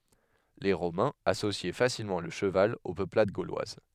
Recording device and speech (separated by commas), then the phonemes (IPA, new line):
headset microphone, read sentence
le ʁomɛ̃z asosjɛ fasilmɑ̃ lə ʃəval o pøplad ɡolwaz